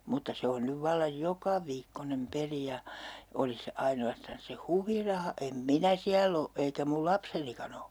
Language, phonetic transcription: Finnish, mutta 'se on nyv 'vallaj "jokaviikkonem 'peli ja , 'olis se 'aino₍astans se "huviraha , em "minä siäll ‿o , eikä 'mul "lapsenikan ‿o .
- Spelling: mutta se on nyt vallan jokaviikkoinen peli ja olisi se ainoastaan se huviraha en minä siellä ole eikä minun lapsenikaan ole

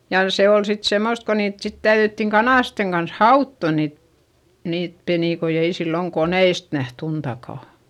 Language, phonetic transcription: Finnish, jà se ol sit semmost ko niit sit täyδyttiŋ kanàsteŋ kans hautto niit , niit penìkoi - ei silloŋ koneist näht ‿untakà .
- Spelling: ja se oli sitten semmoista kun niitä sitten täydyttiin kanasten kanssa hautoa niitä niitä penikoita ei silloin koneista nähty untakaan

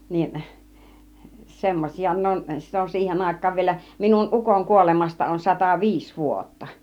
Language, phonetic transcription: Finnish, niin , "semmośia 'ne on , 'sit ‿on 'siihen 'àik̆kaav vielä , 'minun "ˀukoŋ 'kuolemasta on 'sata "viis 'vuotta .
- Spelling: niin semmoisia ne on sitä on siihen aikaan vielä minun ukon kuolemasta on sata viisi vuotta

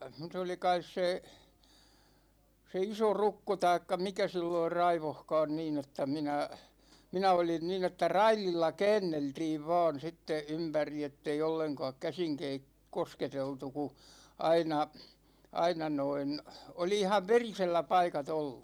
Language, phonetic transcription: Finnish, 's ‿oli kais 'se , se 'iso"rukko taikka 'mikä silloir "raivohkaan 'niin ‿että 'minä , 'minä 'olin nin ‿että "raililla "kɛɛnneltiiv va̭a̭n̬ sitte 'ympäri ettei 'olleŋkååk 'käsiŋ kei- , "kosketeltu ku , 'aina , 'aina noin , 'oli ihav "verisellä 'paikat ‿oll .
- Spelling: se oli kai se se isorokko tai mikä silloin raivosikaan niin että minä minä olin niin että raidilla käänneltiin vain sitten ympäri että ei ollenkaan käsin - kosketeltu kun aina aina noin oli ihan verisellä paikat ollut

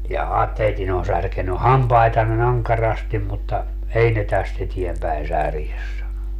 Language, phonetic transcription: Finnish, » ja'ha , 'teitin ‿on 'särkeny "hampaitanne'n ‿aŋkarastim mutta , 'ei ne 'täst ‿etiempäin "särjes » sano .
- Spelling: jaha teidän on särkenyt hampaitanne ankarasti mutta ei ne tästä eteenpäin särje sanoi

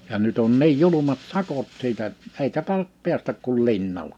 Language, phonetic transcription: Finnish, ja nyt ‿on 'niij 'julumat "sakot 'siitä ‿-t , 'èikä tài(ja)p 'piästäk kul 'linnaĺa .
- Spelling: ja nyt on niin julmat sakot siitä - eikä taida päästä kuin linnalla

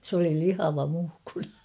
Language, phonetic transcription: Finnish, s ‿oli "lihava 'muhkura .
- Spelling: se oli lihava muhkura

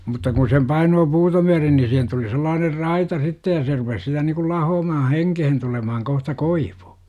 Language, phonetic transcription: Finnish, mutta kun sem 'painoo "puuta myärin ni sihen tuli sel-laaner "raita 'sittej ja se rupes sitä§ nikul 'lahoomahan̬ "heŋkehen tulemahaŋ kohta "koiVU .
- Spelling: mutta kun sen painaa puuta myöten niin siihen tuli sellainen raita sitten ja se rupesi sitä niin kuin lahoamaan henkeen tulemaan kohta koivu

